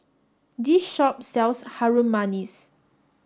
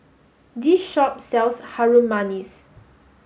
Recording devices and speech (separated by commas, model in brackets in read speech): standing microphone (AKG C214), mobile phone (Samsung S8), read sentence